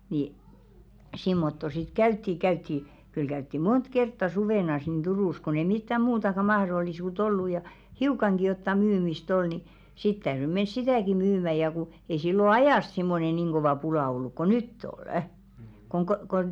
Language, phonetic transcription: Finnish, ni , 'simmotto sit "käytti 'käytti , kyl 'käytti "mont kertta 'suvènas nin 'Durùs kon ‿ei mittä "muutaka 'mahrollisuu't ‿ollu ja , "hiukaŋɢi jotta 'myymis"t ‿ol ni , 'sit täyry 'mens "sitä̀ki 'myymä ja ku , ei sillo "ajàst simmone 'niŋ ɢovà 'pulà olluᵏ ko "nytt ‿ol̳§ , koŋ ko- kon ,.
- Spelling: niin semmottoon sitten käytiin käytiin kyllä käytiin monta kertaa suvena niin Turussa kun ei mitään muutakaan mahdollisuutta ollut ja hiukankin jotakin myymistä oli niin sitten täytyi mennä sitäkin myymään ja kun ei silloin ajasta semmoinen niin kova pula ollut kuin nyt on kun - kun

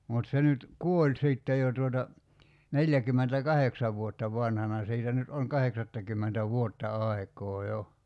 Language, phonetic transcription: Finnish, mut 'se nyt , "kuoĺ 'sìtte jo tuota , "neljäkymmentä"kaheksav vuotta 'vanhana 'siitä nyt oŋ "kaheksattakymmentä "vuotta 'ai̬k̀oo 'jo .
- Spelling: mutta se nyt kuoli sitten jo tuota neljäkymmentäkahdeksan vuotta vanhana siitä nyt on kahdeksattakymmentä vuotta aikaa jo

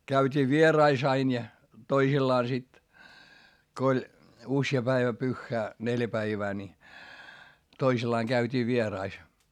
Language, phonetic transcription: Finnish, käyt́ii vierais ‿ain ja , toisillaa sit , ko oĺ , usja päivä pyχχää , neljä päivää ni , toisillaaŋ Gäyt́ii vierais .
- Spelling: käytiin vieraissa aina ja toisillaan sitten kun oli usea päivä pyhää neljä päivää niin toisillaan käytiin vieraissa

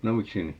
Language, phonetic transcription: Finnish, no "miksi 'ni ?
- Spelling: no miksi niin

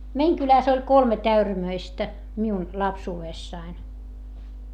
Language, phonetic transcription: Finnish, meiŋ kyläs ‿oĺ kolmet ‿äyrämöistä , miun , lapsuu₍èssain .
- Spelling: meidän kylässä oli kolme äyrämöistä minun lapsuudessani

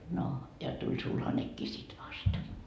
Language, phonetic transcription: Finnish, no , ja tuĺ 'sulhanekkii sit 'vast .
- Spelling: no ja tuli sulhanenkin sitten vasta

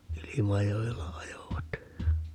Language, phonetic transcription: Finnish, "Ilimajojella 'ajovat .
- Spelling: Ilmajoella ajoivat

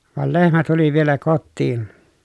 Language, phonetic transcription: Finnish, vàel lehmä tuli vielä kottiin .
- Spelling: vaan lehmä tuli vielä kotiin

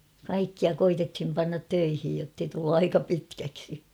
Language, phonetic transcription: Finnish, 'kaikkia koitethim pannat 'töihij jottei tullu 'aika 'pitkäksi .
- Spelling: kaikkia koetettiin panna töihin jotta ei tullut aika pitkäksi

